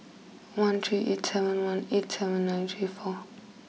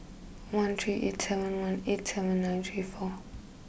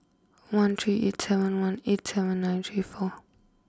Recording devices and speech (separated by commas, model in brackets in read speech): mobile phone (iPhone 6), boundary microphone (BM630), close-talking microphone (WH20), read sentence